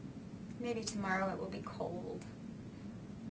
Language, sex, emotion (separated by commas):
English, female, sad